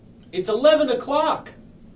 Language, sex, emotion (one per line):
English
male
angry